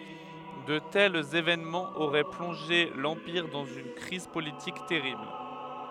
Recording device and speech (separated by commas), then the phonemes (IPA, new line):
headset microphone, read sentence
də tɛlz evenmɑ̃z oʁɛ plɔ̃ʒe lɑ̃piʁ dɑ̃z yn kʁiz politik tɛʁibl